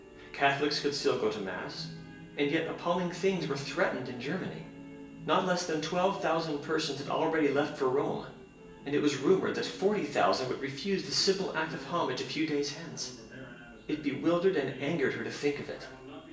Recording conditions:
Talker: one person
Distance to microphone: 1.8 m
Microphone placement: close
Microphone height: 1.0 m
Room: large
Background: television

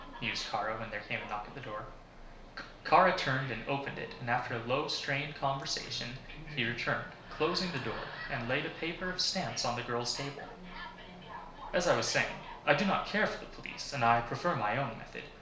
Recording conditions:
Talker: one person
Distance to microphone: 1.0 m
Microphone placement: close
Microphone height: 1.1 m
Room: small (3.7 m by 2.7 m)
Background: television

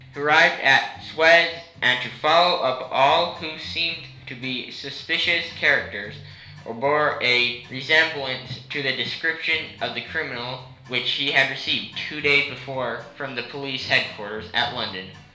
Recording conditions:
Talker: one person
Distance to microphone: 1.0 m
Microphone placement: close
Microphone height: 1.1 m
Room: small (3.7 m by 2.7 m)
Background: music

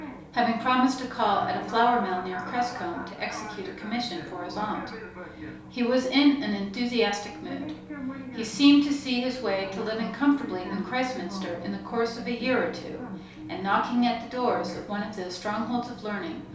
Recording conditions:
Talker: one person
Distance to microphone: 3.0 m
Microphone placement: far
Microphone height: 1.8 m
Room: small (3.7 m by 2.7 m)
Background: television

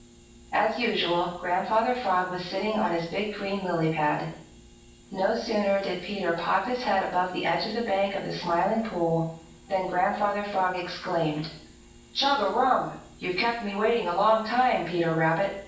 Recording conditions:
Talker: one person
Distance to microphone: 9.8 m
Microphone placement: far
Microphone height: 1.8 m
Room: large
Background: none

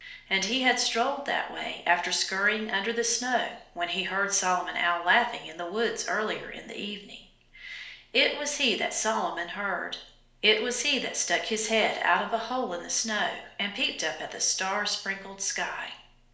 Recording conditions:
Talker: one person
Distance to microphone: 1.0 m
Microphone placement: close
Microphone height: 1.1 m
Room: small (3.7 m by 2.7 m)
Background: none

